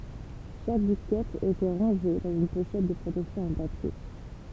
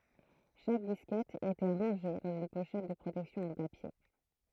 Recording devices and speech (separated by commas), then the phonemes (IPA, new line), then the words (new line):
temple vibration pickup, throat microphone, read sentence
ʃak diskɛt etɑ̃ ʁɑ̃ʒe dɑ̃z yn poʃɛt də pʁotɛksjɔ̃ ɑ̃ papje
Chaque disquette étant rangée dans une pochette de protection en papier.